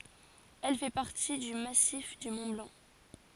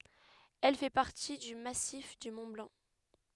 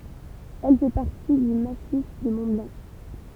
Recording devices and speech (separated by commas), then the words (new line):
forehead accelerometer, headset microphone, temple vibration pickup, read sentence
Elle fait partie du massif du Mont-Blanc.